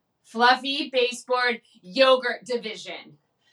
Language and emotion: English, neutral